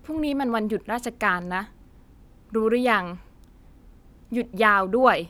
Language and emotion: Thai, frustrated